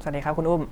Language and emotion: Thai, neutral